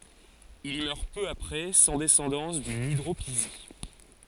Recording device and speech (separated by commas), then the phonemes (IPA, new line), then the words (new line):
forehead accelerometer, read sentence
il i mœʁ pø apʁɛ sɑ̃ dɛsɑ̃dɑ̃s dyn idʁopizi
Il y meurt peu après, sans descendance, d’une hydropisie.